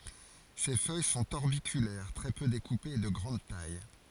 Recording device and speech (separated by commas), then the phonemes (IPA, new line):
forehead accelerometer, read sentence
se fœj sɔ̃t ɔʁbikylɛʁ tʁɛ pø dekupez e də ɡʁɑ̃d taj